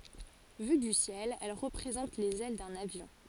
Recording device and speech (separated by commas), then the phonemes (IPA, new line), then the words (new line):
forehead accelerometer, read sentence
vy dy sjɛl ɛl ʁəpʁezɑ̃t lez ɛl də lavjɔ̃
Vue du ciel, elle représente les ailes de l'avion.